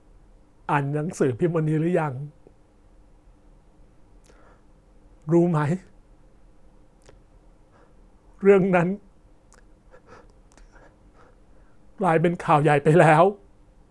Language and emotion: Thai, sad